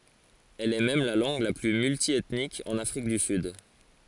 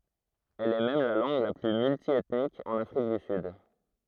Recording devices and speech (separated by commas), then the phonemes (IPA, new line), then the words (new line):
forehead accelerometer, throat microphone, read sentence
ɛl ɛ mɛm la lɑ̃ɡ la ply myltjɛtnik ɑ̃n afʁik dy syd
Elle est même la langue la plus multiethnique en Afrique du Sud.